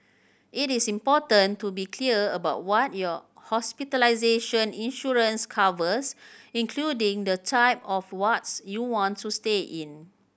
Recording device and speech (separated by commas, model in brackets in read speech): boundary microphone (BM630), read sentence